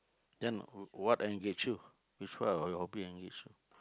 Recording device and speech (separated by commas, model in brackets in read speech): close-talking microphone, conversation in the same room